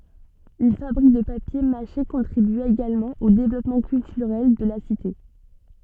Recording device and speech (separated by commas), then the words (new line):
soft in-ear microphone, read sentence
Une fabrique de papier mâché contribua également au développement culturel de la cité.